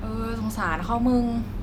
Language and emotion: Thai, neutral